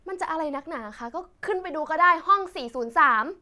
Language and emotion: Thai, frustrated